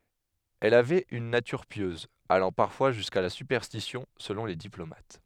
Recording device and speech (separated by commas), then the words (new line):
headset microphone, read sentence
Elle avait une nature pieuse, allant parfois jusqu'à la superstition selon les diplomates.